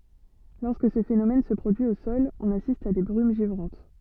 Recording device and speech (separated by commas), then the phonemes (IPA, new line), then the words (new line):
soft in-ear microphone, read sentence
lɔʁskə sə fenomɛn sə pʁodyi o sɔl ɔ̃n asist a de bʁym ʒivʁɑ̃t
Lorsque ce phénomène se produit au sol, on assiste à des brumes givrantes.